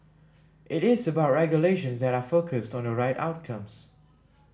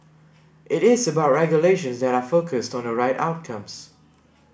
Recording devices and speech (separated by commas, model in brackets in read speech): standing microphone (AKG C214), boundary microphone (BM630), read sentence